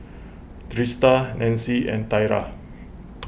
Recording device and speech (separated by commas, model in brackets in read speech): boundary microphone (BM630), read sentence